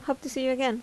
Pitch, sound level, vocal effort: 265 Hz, 79 dB SPL, normal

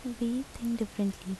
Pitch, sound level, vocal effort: 235 Hz, 74 dB SPL, soft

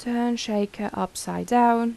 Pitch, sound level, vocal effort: 230 Hz, 82 dB SPL, soft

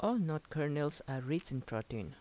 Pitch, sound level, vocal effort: 145 Hz, 80 dB SPL, soft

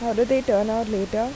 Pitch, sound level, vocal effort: 230 Hz, 85 dB SPL, normal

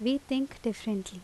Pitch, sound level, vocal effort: 230 Hz, 80 dB SPL, loud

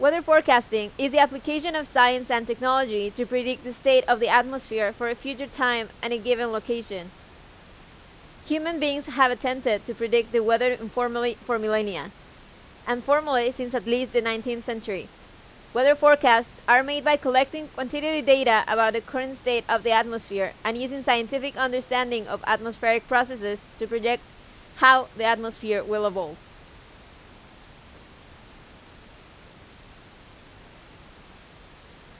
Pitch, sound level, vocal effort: 240 Hz, 91 dB SPL, very loud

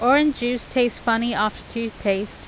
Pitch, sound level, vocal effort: 235 Hz, 88 dB SPL, loud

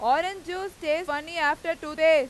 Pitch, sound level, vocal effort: 320 Hz, 102 dB SPL, very loud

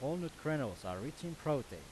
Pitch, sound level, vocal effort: 150 Hz, 90 dB SPL, loud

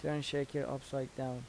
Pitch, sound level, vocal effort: 140 Hz, 81 dB SPL, soft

